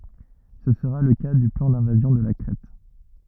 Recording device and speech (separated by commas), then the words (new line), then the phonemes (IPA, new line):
rigid in-ear microphone, read sentence
Ce sera le cas du plan d'invasion de la Crète.
sə səʁa lə ka dy plɑ̃ dɛ̃vazjɔ̃ də la kʁɛt